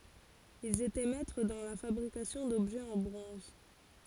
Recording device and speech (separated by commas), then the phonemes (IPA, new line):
forehead accelerometer, read sentence
ilz etɛ mɛtʁ dɑ̃ la fabʁikasjɔ̃ dɔbʒɛz ɑ̃ bʁɔ̃z